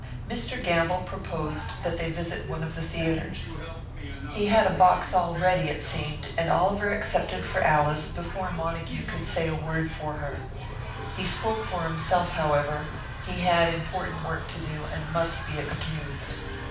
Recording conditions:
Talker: one person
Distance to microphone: 5.8 m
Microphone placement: far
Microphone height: 1.8 m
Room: medium-sized (5.7 m by 4.0 m)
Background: television

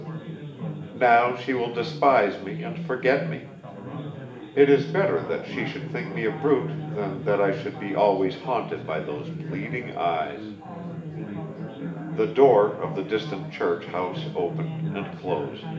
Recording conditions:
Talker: one person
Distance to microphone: 1.8 m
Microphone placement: close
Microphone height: 1.0 m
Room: large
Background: babble

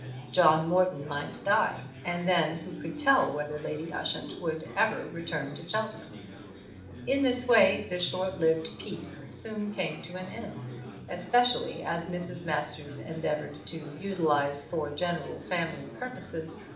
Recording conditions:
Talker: one person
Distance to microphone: 2.0 m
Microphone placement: close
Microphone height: 99 cm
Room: medium-sized (5.7 m by 4.0 m)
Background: babble

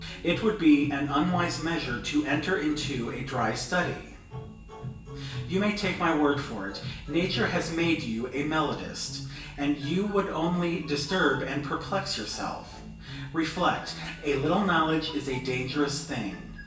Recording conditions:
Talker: one person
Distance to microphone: 1.8 m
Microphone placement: close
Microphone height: 1.0 m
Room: large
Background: music

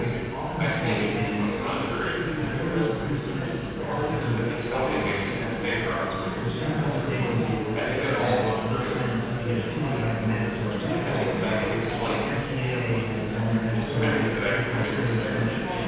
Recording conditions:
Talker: one person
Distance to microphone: 7.1 m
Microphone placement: far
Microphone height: 1.7 m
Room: very reverberant, large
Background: babble

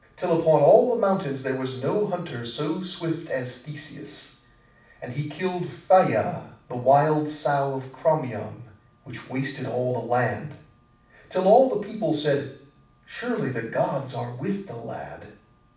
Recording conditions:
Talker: one person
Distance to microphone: 5.8 m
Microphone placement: far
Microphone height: 1.8 m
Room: medium-sized (5.7 m by 4.0 m)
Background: none

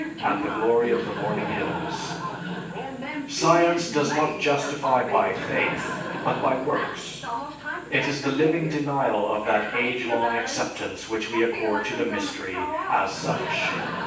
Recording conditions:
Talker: one person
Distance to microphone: 9.8 m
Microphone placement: far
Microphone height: 1.8 m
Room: large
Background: television

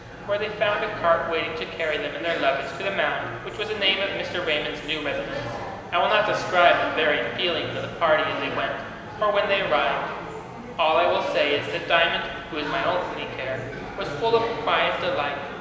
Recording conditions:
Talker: one person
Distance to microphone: 1.7 m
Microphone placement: close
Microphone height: 1.0 m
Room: very reverberant, large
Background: babble

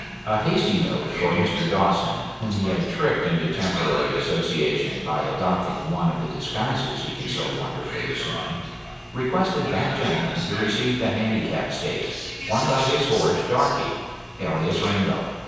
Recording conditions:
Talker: one person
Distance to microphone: 7.1 m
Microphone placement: far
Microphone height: 1.7 m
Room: very reverberant, large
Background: television

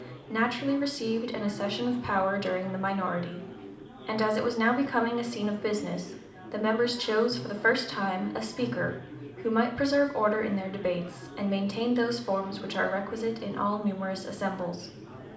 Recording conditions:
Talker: one person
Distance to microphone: 2.0 m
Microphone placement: close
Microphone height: 99 cm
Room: medium-sized (5.7 m by 4.0 m)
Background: babble

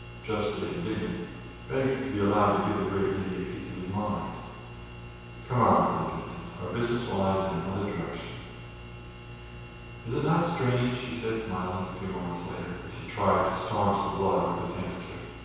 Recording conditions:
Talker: one person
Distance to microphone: 7.1 m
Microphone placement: far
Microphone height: 1.7 m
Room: very reverberant, large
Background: none

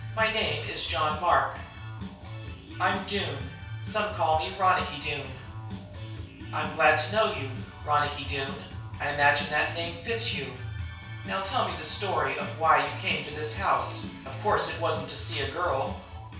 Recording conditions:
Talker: one person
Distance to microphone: 3.0 m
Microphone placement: far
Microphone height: 1.8 m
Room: small (3.7 m by 2.7 m)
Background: music

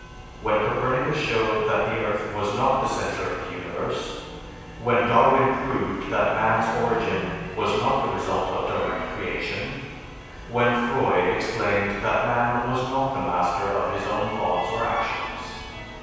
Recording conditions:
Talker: one person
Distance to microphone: 7.1 m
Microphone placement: far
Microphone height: 1.7 m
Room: very reverberant, large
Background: music

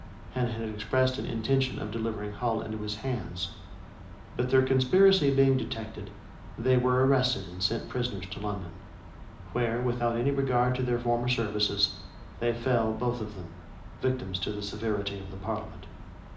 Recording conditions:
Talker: one person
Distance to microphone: 2.0 m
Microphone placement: close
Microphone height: 99 cm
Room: medium-sized (5.7 m by 4.0 m)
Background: none

